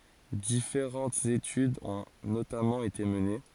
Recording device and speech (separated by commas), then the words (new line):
forehead accelerometer, read sentence
Différentes études ont notamment été menées.